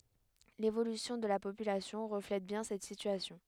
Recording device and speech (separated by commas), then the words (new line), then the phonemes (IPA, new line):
headset microphone, read sentence
L’évolution de la population reflète bien cette situation.
levolysjɔ̃ də la popylasjɔ̃ ʁəflɛt bjɛ̃ sɛt sityasjɔ̃